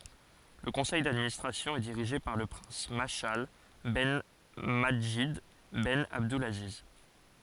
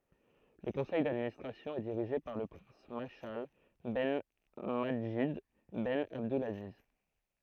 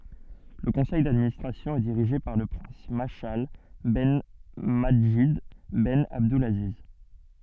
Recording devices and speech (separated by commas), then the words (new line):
forehead accelerometer, throat microphone, soft in-ear microphone, read sentence
Le conseil d'administration est dirigé par le prince Mashal ben Madjid ben Abdulaziz.